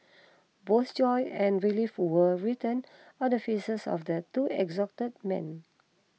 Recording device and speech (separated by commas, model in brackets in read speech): mobile phone (iPhone 6), read sentence